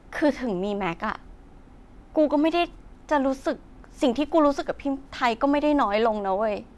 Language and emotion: Thai, sad